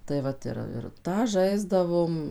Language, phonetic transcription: Lithuanian, tai ˈvat ir ir ˈtą ˈžaisdavom

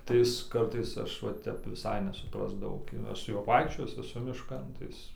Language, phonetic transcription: Lithuanian, tai ˈis ˈkartais ˈaš ˈva ˈtep viˈsai nesuˈprasdavau gi ˈaš su ˈjuo ˈvaikščiojis eˈsu mišˈkan tai ˈis

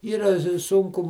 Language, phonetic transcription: Lithuanian, ˈyra ˈsunku

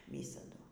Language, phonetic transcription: Lithuanian, ˈvysadu

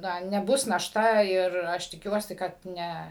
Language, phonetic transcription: Lithuanian, ˈna neˈbus našˈta ir ˈaš tiˈkiuosi kad ˈne

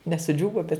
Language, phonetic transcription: Lithuanian, ne suˈdžiūvo bet

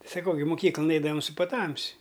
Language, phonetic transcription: Lithuanian, saˈkau gi muˈkyklan ˈeidavam su paˈtamsi

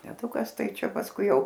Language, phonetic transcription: Lithuanian, teˈtukas ˈtai ˈčia pasˈkui ˈjau

